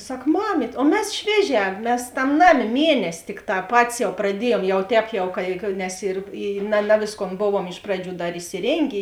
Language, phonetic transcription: Lithuanian, ˈsak ˈmamyt' o ˈmes ˈšvieˌžē ˈmes ˈtam ˈnaˌmė ˈmienesi ˈtikˌtā ˈpatis jau praˈdiejuom ˈjau ˈtēp jau ˈka i nes ir i na ˈna vėsˌkon ˈbovuom ˈiš praˌdžių ˈdar isiˈrėngė

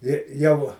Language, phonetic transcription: Lithuanian, ir ˈjau

